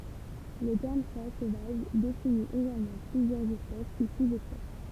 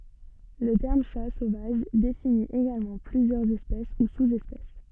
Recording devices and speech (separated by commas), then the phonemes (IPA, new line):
temple vibration pickup, soft in-ear microphone, read sentence
lə tɛʁm ʃa sovaʒ defini eɡalmɑ̃ plyzjœʁz ɛspɛs u suz ɛspɛs